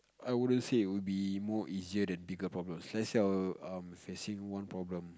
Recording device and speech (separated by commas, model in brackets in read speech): close-talking microphone, conversation in the same room